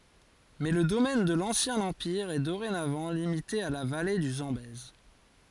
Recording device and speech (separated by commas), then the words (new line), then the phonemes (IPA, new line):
forehead accelerometer, read sentence
Mais le domaine de l’ancien empire est dorénavant limité à la vallée du Zambèze.
mɛ lə domɛn də lɑ̃sjɛ̃ ɑ̃piʁ ɛ doʁenavɑ̃ limite a la vale dy zɑ̃bɛz